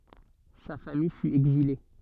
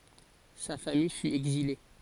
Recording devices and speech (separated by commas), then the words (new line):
soft in-ear microphone, forehead accelerometer, read sentence
Sa famille fut exilée.